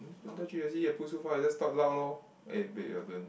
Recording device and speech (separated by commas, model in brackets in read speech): boundary microphone, conversation in the same room